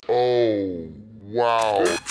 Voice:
deep voice